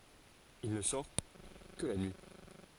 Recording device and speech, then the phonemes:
forehead accelerometer, read sentence
il nə sɔʁ kə la nyi

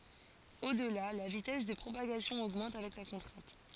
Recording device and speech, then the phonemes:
forehead accelerometer, read sentence
odla la vitɛs də pʁopaɡasjɔ̃ oɡmɑ̃t avɛk la kɔ̃tʁɛ̃t

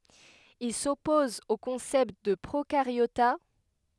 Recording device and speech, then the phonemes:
headset microphone, read sentence
il sɔpɔz o kɔ̃sɛpt də pʁokaʁjota

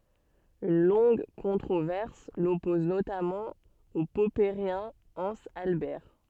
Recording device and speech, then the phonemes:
soft in-ear microphone, read sentence
yn lɔ̃ɡ kɔ̃tʁovɛʁs lɔpɔz notamɑ̃ o pɔpəʁjɛ̃ ɑ̃z albɛʁ

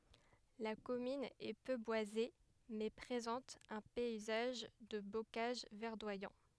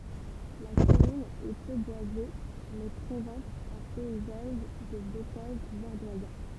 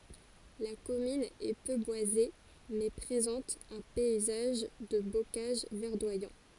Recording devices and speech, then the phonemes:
headset microphone, temple vibration pickup, forehead accelerometer, read sentence
la kɔmyn ɛ pø bwaze mɛ pʁezɑ̃t œ̃ pɛizaʒ də bokaʒ vɛʁdwajɑ̃

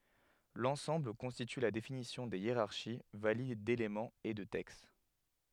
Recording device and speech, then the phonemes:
headset microphone, read sentence
lɑ̃sɑ̃bl kɔ̃stity la definisjɔ̃ de jeʁaʁʃi valid delemɑ̃z e də tɛkst

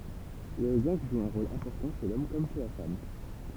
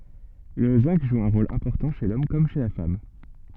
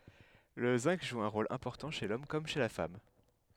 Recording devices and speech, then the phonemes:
temple vibration pickup, soft in-ear microphone, headset microphone, read sentence
lə zɛ̃ɡ ʒu œ̃ ʁol ɛ̃pɔʁtɑ̃ ʃe lɔm kɔm ʃe la fam

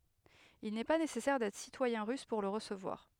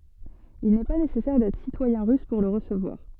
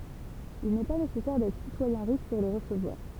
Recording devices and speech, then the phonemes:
headset microphone, soft in-ear microphone, temple vibration pickup, read sentence
il nɛ pa nesɛsɛʁ dɛtʁ sitwajɛ̃ ʁys puʁ lə ʁəsəvwaʁ

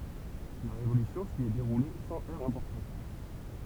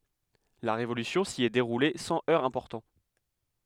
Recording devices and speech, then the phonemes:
temple vibration pickup, headset microphone, read sentence
la ʁevolysjɔ̃ si ɛ deʁule sɑ̃ œʁz ɛ̃pɔʁtɑ̃

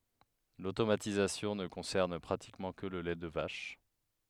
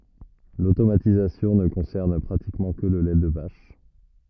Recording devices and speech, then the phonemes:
headset microphone, rigid in-ear microphone, read sentence
lotomatizasjɔ̃ nə kɔ̃sɛʁn pʁatikmɑ̃ kə lə lɛ də vaʃ

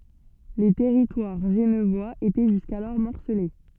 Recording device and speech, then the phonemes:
soft in-ear microphone, read sentence
lə tɛʁitwaʁ ʒənvwaz etɛ ʒyskalɔʁ mɔʁsəle

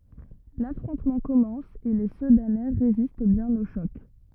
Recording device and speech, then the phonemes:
rigid in-ear microphone, read sentence
lafʁɔ̃tmɑ̃ kɔmɑ̃s e le sədanɛ ʁezist bjɛ̃n o ʃɔk

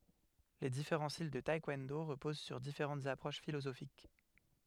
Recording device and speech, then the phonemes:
headset microphone, read sentence
le difeʁɑ̃ stil də taɛkwɔ̃do ʁəpoz syʁ difeʁɑ̃tz apʁoʃ filozofik

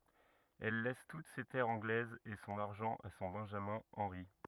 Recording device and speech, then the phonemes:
rigid in-ear microphone, read sentence
ɛl lɛs tut se tɛʁz ɑ̃ɡlɛzz e sɔ̃n aʁʒɑ̃ a sɔ̃ bɛ̃ʒamɛ̃ ɑ̃ʁi

